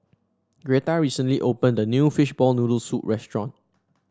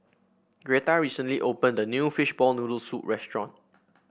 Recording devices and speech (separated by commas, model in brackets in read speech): standing microphone (AKG C214), boundary microphone (BM630), read sentence